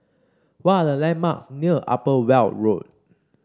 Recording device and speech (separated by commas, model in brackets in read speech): standing microphone (AKG C214), read sentence